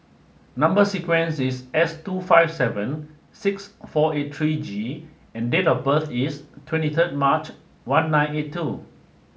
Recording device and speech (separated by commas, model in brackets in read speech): mobile phone (Samsung S8), read sentence